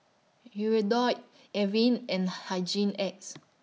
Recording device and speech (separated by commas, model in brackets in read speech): mobile phone (iPhone 6), read sentence